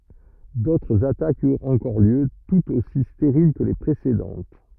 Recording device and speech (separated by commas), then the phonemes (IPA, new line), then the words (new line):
rigid in-ear microphone, read sentence
dotʁz atakz yʁt ɑ̃kɔʁ ljø tutz osi steʁil kə le pʁesedɑ̃t
D'autres attaques eurent encore lieu, toutes aussi stériles que les précédentes.